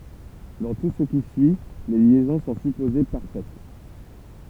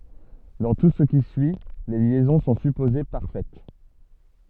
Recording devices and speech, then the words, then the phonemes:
temple vibration pickup, soft in-ear microphone, read sentence
Dans tout ce qui suit, les liaisons sont supposées parfaites.
dɑ̃ tu sə ki syi le ljɛzɔ̃ sɔ̃ sypoze paʁfɛt

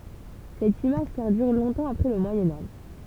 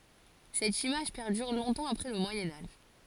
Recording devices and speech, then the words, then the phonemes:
temple vibration pickup, forehead accelerometer, read sentence
Cette image perdure longtemps après le Moyen Âge.
sɛt imaʒ pɛʁdyʁ lɔ̃tɑ̃ apʁɛ lə mwajɛ̃ aʒ

